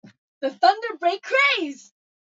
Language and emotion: English, happy